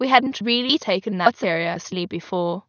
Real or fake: fake